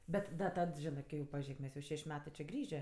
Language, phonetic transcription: Lithuanian, ˈbet da ˈtad ˈžinɜ ˈkai jau paˈžėk ˈmes jau ˈšeš' ˈmetɜ čė ˈgrįžė

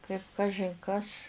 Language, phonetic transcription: Lithuanian, kaip ˈkažin kas

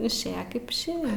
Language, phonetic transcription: Lithuanian, išˈėja kaip išˈėja

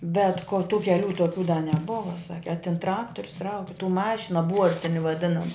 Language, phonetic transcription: Lithuanian, bet ko tų keˈlių toˈkių da neˈbova ˈsaki a tin ˈtraktorius ˈtrauki tų ˈmašino ˈbuortini vaˈdinama

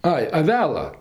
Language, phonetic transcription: Lithuanian, ˈai aˈvela

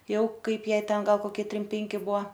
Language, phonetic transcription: Lithuanian, ˈjau ˈkaip ˈjai ˈten ˈgal koˈkie ˈtrim ˈpenki ˈbuo

